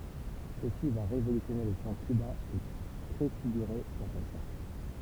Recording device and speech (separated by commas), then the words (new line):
temple vibration pickup, read sentence
Ceci va révolutionner le son cubain et préfigurer la salsa.